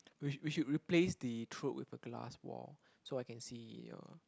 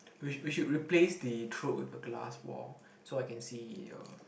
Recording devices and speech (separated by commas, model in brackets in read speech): close-talking microphone, boundary microphone, conversation in the same room